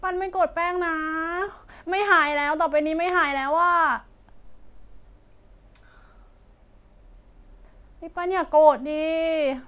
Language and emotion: Thai, sad